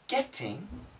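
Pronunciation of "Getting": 'Getting' has perfect pronunciation here. It is not said with the d sound that is usually used.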